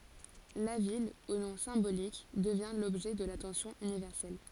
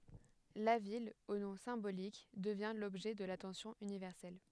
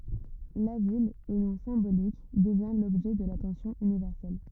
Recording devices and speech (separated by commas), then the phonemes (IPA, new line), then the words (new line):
forehead accelerometer, headset microphone, rigid in-ear microphone, read sentence
la vil o nɔ̃ sɛ̃bolik dəvjɛ̃ lɔbʒɛ də latɑ̃sjɔ̃ ynivɛʁsɛl
La ville, au nom symbolique, devient l'objet de l'attention universelle.